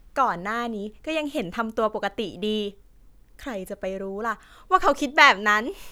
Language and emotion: Thai, happy